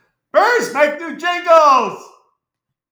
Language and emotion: English, happy